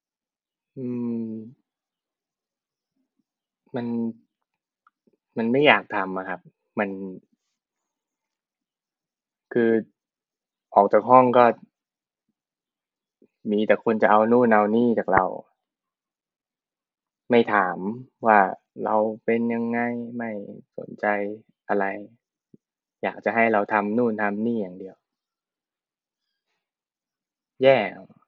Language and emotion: Thai, frustrated